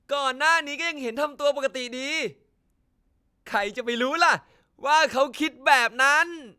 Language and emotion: Thai, happy